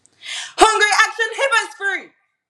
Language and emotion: English, angry